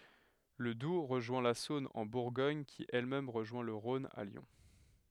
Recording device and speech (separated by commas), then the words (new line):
headset microphone, read sentence
Le Doubs rejoint la Saône en Bourgogne qui elle-même rejoint le Rhône à Lyon.